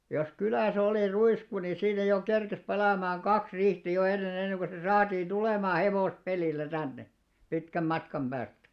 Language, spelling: Finnish, jos kylässä oli ruisku niin siinä jo kerkesi palamaan kaksi riihtä jo ennen ennen kuin se saatiin tulemaan hevospelillä tänne pitkän matkan päästä
- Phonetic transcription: jos 'kylä̀s ‿olì "ruisku ni 'siinä jo 'kerkes 'palamaaŋ "ɢaks 'riihtä jo 'enne'n ‿enneŋ ko se "saatiin "ᴅulèmaa 'hevòs'pelìllä tänne , 'pitkäm "matkam ʙääst .

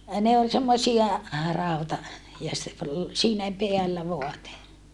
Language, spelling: Finnish, ne oli semmoisia - ja se oli siinä päällä vaate
- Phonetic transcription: ne ol semmosia , ràuta- , ja se ol , siinä peällä voate .

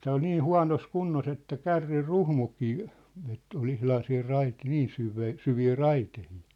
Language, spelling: Finnish, tämä oli niin huonossa kunnossa että kärryn ruhmukin että oli ihan siinä - niin syvää syviä raiteita
- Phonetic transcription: tää ol 'nii "hua̭nos "kunnos ‿että "kärrir "ruhmuk̀ii , ett ‿ol 'ihlan siir 'rait- , "niin 'syve̳e̳ , 'syvii "raitehɪɪ .

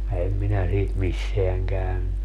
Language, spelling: Finnish, en minä siitä missään käynyt
- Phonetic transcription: 'ɛm minä siit "misseäŋ käynny .

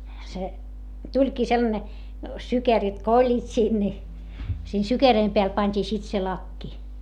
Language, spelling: Finnish, se tulikin sellainen sykeröt kun olivat siinä niin siinä sykeröiden päällä pantiin sitten se lakki
- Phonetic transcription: se , tuĺkii sellane , sykerit ko oĺĺiit siin ni , siin sykeröim peäl pańt́ii sit se lakki .

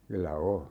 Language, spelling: Finnish, kyllä on
- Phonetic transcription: 'kyllä "o .

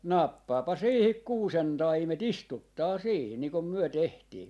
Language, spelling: Finnish, nappaapa siihen kuusentaimet istuttaa siihen niin kuin me tehtiin
- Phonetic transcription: 'nappaapa 'siihik "kuusen'taime"t ‿istuttaa 'siihi , nii kum 'myö 'tehtii .

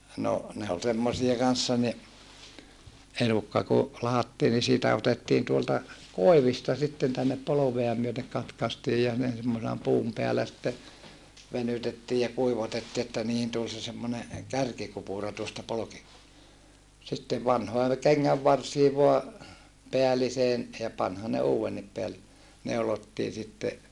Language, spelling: Finnish, no ne oli semmoisia kanssa niin elukka kun lahdattiin niin siitä otettiin tuolta koivista sitten tänne polvea myöten katkaistiin ja ne semmoisena puun päällä sitten venytettiin ja kuivatettiin että niihin tuli se semmoinen kärkikupura tuosta - sitten vanhoihin kengänvarsiin vain päälliseen ja panihan ne uudenkin - neulottiin sitten
- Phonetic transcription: no , ne ol semmosie kanssa ni , elukka ku , lahattii ni siitä otettiin tuolta , kòi̮vista sitten tännep polovea myötek katkastiij ja ne semmose(na) puum peälä sⁱtte , venytettii ja kuivatetti että niihin tul se semmone , kärkikupùra tuosta polki- , sittev vanhoe , keŋŋävvarsii voa , peäliseen , ja panhan ne uuwennip peäl- , neulottii sitte ,.

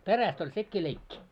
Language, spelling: Finnish, perästä oli sekin leikki
- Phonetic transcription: 'peräst ‿oĺ 'sekkii 'leikki .

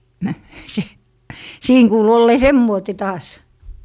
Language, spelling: Finnish, - siinä kuului olleen semmoinen taas
- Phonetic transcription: se- , 'siin kuulu ollee "semmoite taas .

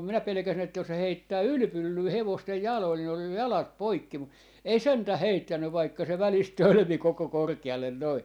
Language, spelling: Finnish, minä pelkäsin että jos se heittää ylipyllyä hevosten jaloille niin on jo jalat poikki mutta ei sentään heittänyt vaikka se välistä tölmi koko korkealle noin
- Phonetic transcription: 'minä 'pelᵉkäsin että jos se 'heittää "ylpyllyy 'hevostej "jalòl ni oj jo 'jalat "poikki mu , 'ei "sentä "heittänny vaikka se 'välist "tölmi 'koko "korke₍allen noi .

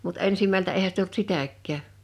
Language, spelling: Finnish, mutta ensimmältä eihän sitä ollut sitäkään
- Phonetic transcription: mut 'ensimältä 'eihä sit ‿olt "sitäk̆kää .

